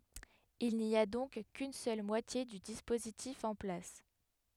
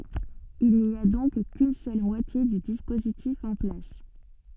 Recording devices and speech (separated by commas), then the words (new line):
headset microphone, soft in-ear microphone, read sentence
Il n'y a donc qu'une seule moitié du dispositif en place.